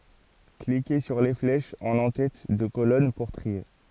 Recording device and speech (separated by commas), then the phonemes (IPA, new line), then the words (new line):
forehead accelerometer, read sentence
klike syʁ le flɛʃz ɑ̃n ɑ̃tɛt də kolɔn puʁ tʁie
Cliquez sur les flèches en entête de colonnes pour trier.